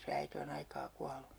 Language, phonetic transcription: Finnish, se 'äite o'n ‿aikaa 'kualu .
- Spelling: se äiti on aikaa kuollut

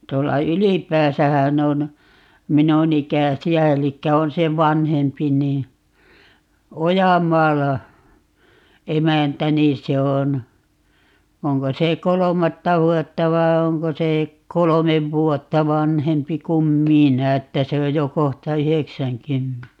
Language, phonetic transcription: Finnish, 'tuolla "Ylipääsähän ‿on , 'minun ‿ikäsi₍ä 'elikkä 'on se "vanhempi nii , "Ojam̀aala , "emäntä 'niin̬ se on , 'oŋko se "kolomatta 'vuotta vai̮ 'oŋko se , 'kolomev "vuotta 'vanhempi kum "minä 'että 'se oj jo 'kohta "yheksäŋ"kymm(ene) .
- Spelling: tuolla Ylipäässähän on minun ikäisiä eli on se vanhempi niin Ojamaalla emäntä niin se on onko se kolmatta vuotta vai onko se kolme vuotta vanhempi kuin minä että se on jo kohta yhdeksänkymmenen

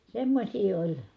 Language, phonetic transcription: Finnish, semmośii oĺ .
- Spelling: semmoisia oli

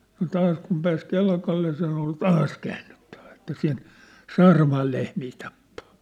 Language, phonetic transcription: Finnish, no 'taas kum pääs 'Kelkalle sen ‿ol "taas käännyttᴀ̈ᴠᴀ̈ että sen , 'Saaramaal lehmii tappᴀᴀ .
- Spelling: no taas kun pääsi Kelkalle sen oli taas käännyttävä että sen Saaramaan lehmiä tappaa

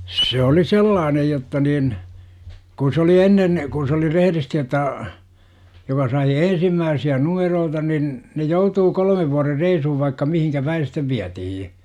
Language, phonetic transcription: Finnish, se 'oli "sellaanej jotta nin , 'kun̬ s ‿oli "ennen , kun̬ s ‿oli "reheristi ot̆taa , joka sai "ensimmääsi₍ä "numeroota nin , ne 'joutuu 'kol°mev vuarer "reisuhuv vaikka mihiŋkä "päi sittev 'viätihij .
- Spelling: se oli sellainen jotta niin kun se oli ennen kun se oli rehdisti ottaa joka sai ensimmäisiä numeroita niin ne joutui kolmen vuoden reissuun vaikka mihin päin sitten vietiin

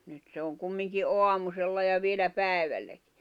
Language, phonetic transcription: Finnish, nyt se oŋ 'kummiŋki '’oamusella ja 'vielä "pä̀i̬välläkɪ .
- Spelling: nyt se on kumminkin aamusella ja vielä päivälläkin

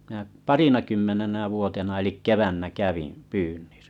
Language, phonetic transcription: Finnish, mⁱnä "parinakymmenenä 'vuotena elik "kevännä 'kävin , 'pyynnisᴀ̈ .
- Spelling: minä parinakymmenenä vuotena eli keväänä kävin pyynnissä

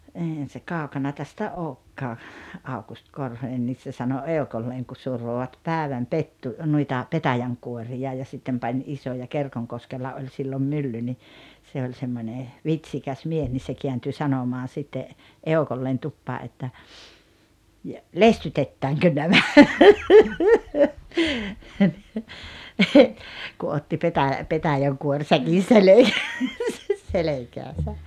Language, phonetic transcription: Finnish, 'eihän̬ se 'kàokana tästä 'ookkaa , 'Aukust 'Korhonen nis se sano "eokolleeŋ ku 'survovat "pääväm "pettu- , nuita , "petäjäŋkuorija ja 'sittem pań '’isoja 'Kerkoŋkoskella 'oĺ sillom 'mylly ni , 'se oĺ 'semmońe , "vit̳s̳ikäs 'mies nis se 'kiänty 'sanomaan̬ sitte , "eokolleen 'tuppaa ’että , » ja , "lestytettääŋkö 'nämä « , ku 'otti petä- 'petäjäŋkuorsäkin̬ 'selekääsäs 'selekääsä .
- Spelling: eihän se kaukana tästä olekaan Aukusti Korhonen niin se sanoi eukolleen kun survoivat päivän - noita petäjänkuoria ja sitten pani isoja Kerkonkoskella oli silloin mylly niin se oli semmoinen vitsikäs mies niin se kääntyi sanomaan sitten eukolleen tupaan että ja lestytetäänkö nämä kun otti - petäjänkuorisäkin selkäänsä selkäänsä

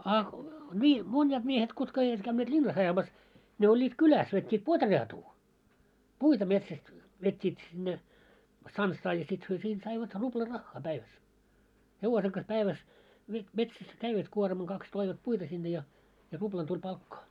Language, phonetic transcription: Finnish, a , 'ńii , 'mońjaat miehet kutka eivät käynneet "ĺinnas 'ajamas , ne 'oĺĺiit "kyläs vet́t́iit 'potreatuu , "puita 'metsäst , 'vet́t́iit sinne , 'stanssaa ja sit hyö siint saivat 'ruʙla 'raχχaa 'päiväs 'hevose kas 'päiväs , vet 'metsäs "käivät 'kuormaŋ 'kaks toivat "puita sinne ja , ja 'ruʙlan tuĺ 'palkkaa .
- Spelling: a niin monet miehet kutka eivät käyneet linnassa ajamassa ne olivat kylässä vetivät potreatuu puita metsästä vetivät sinne stanssaa ja sitten he siitä saivat rupla rahaa päivässä hevosen kas päivässä veti metsässä kävivät kuorman kaksi toivat puita sinne ja ja rupla tuli palkkaa

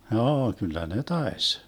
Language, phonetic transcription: Finnish, 'hjoo kyl̆lä "ne 'taes .
- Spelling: joo kyllä ne taisi

